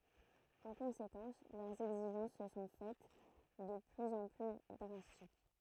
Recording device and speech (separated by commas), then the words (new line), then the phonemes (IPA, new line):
throat microphone, read sentence
En conséquence, leurs exigences se sont faites de plus en plus drastiques.
ɑ̃ kɔ̃sekɑ̃s lœʁz ɛɡziʒɑ̃s sə sɔ̃ fɛt də plyz ɑ̃ ply dʁastik